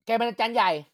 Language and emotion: Thai, angry